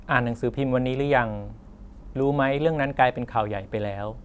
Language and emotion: Thai, neutral